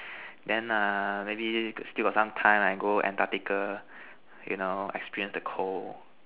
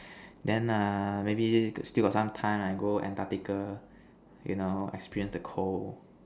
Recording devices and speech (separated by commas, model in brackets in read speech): telephone, standing microphone, conversation in separate rooms